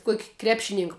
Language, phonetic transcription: Lithuanian, ˈkuok' ˈkrepšinink

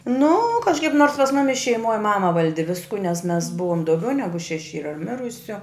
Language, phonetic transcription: Lithuanian, nu kažˈkaip nors pas ˈmumis šeiˈmoj ˈmama ˈvaldi ˈvisku nes mes ˈbuvom dauˈgiau ˈnegu šeˈši ˈyra ˈmirusiu

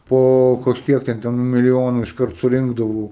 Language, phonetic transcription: Lithuanian, ˈpo kažˈkiek ˈten ten miliˈjonu išˈkart suˈrinkdavau

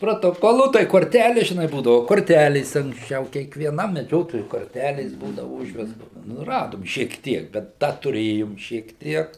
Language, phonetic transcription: Lithuanian, protoˈkolų tai korˈtælės žiˈnai ˈbūdavu korˈtælės anksˈčiau kiekvieˈnam meˈdžiotojui korˈtælės ˈbūdavu ˈužvestos nu ˈradom šiek ˈtiek bet ˈda tuˈrėjom šiek ˈtiek

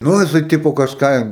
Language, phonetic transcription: Lithuanian, ˈnu jiˈsai ˈtipo kažˈką

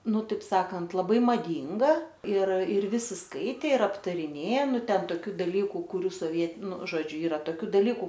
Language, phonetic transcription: Lithuanian, ˈnu ˈtaip ˈsakant laˈbai maˈdynga ir ir ˈvisi ˈskaitė ir aptariˈnė ˈnu ˈten toˈkių daˈlyku kuˈrių soˈviet nu ˈžodžiu ˈyra toˈkių daˈlyku

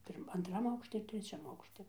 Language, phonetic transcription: Lithuanian, ˈpirm antˈram ˈaukšti ir treˈčiam ˈaukšti

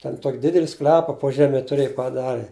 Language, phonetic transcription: Lithuanian, ten ˈtok' ˈdideli ˈsklepa po ˈžeme tuˈrėj paˈdari

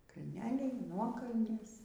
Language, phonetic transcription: Lithuanian, kalˈneliai ˈnuokalnės

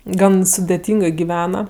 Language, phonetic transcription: Lithuanian, ˈgan sudeˈtyngɜ giˈvena

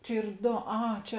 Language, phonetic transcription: Lithuanian, ˈčia ˈyr ˈdo ˈa ˈčia

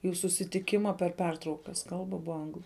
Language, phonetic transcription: Lithuanian, jų susitiˈkima per ˈpertraukas ˈkalba ˈbua ˈanglu

